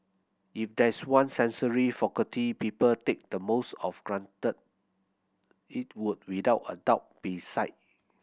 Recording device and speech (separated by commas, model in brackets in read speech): boundary microphone (BM630), read sentence